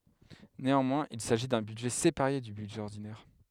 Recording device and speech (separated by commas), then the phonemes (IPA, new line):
headset microphone, read sentence
neɑ̃mwɛ̃z il saʒi dœ̃ bydʒɛ sepaʁe dy bydʒɛ ɔʁdinɛʁ